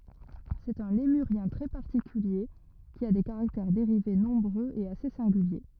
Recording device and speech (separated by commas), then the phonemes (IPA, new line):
rigid in-ear microphone, read sentence
sɛt œ̃ lemyʁjɛ̃ tʁɛ paʁtikylje ki a de kaʁaktɛʁ deʁive nɔ̃bʁøz e ase sɛ̃ɡylje